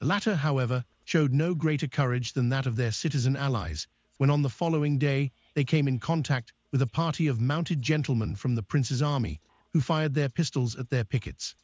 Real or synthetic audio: synthetic